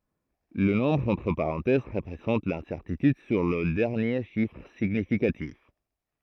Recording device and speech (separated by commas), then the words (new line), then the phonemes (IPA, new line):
throat microphone, read sentence
Le nombre entre parenthèses représente l'incertitude sur le dernier chiffre significatif.
lə nɔ̃bʁ ɑ̃tʁ paʁɑ̃tɛz ʁəpʁezɑ̃t lɛ̃sɛʁtityd syʁ lə dɛʁnje ʃifʁ siɲifikatif